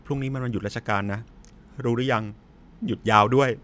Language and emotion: Thai, neutral